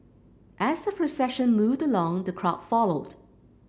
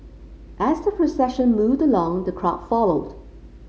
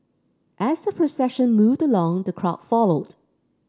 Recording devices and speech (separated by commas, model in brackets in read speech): boundary microphone (BM630), mobile phone (Samsung C5), standing microphone (AKG C214), read sentence